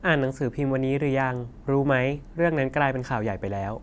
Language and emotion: Thai, neutral